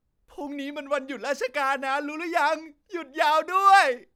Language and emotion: Thai, happy